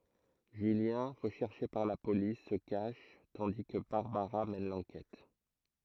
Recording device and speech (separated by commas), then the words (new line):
throat microphone, read sentence
Julien, recherché par la police, se cache, tandis que Barbara mène l'enquête.